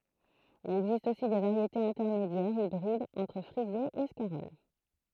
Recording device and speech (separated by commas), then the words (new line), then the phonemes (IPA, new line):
throat microphone, read sentence
Il existe aussi des variétés intermédiaires, hybrides entre frisée et scarole.
il ɛɡzist osi de vaʁjetez ɛ̃tɛʁmedjɛʁz ibʁidz ɑ̃tʁ fʁize e skaʁɔl